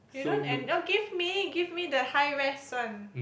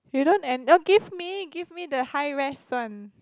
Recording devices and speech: boundary microphone, close-talking microphone, conversation in the same room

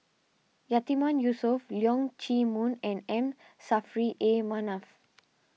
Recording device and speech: mobile phone (iPhone 6), read sentence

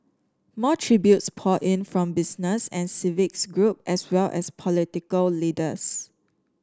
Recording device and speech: standing microphone (AKG C214), read sentence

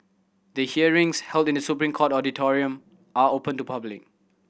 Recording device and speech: boundary microphone (BM630), read sentence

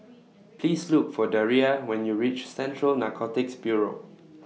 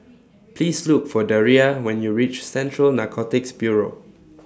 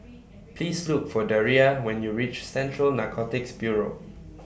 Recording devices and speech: mobile phone (iPhone 6), standing microphone (AKG C214), boundary microphone (BM630), read sentence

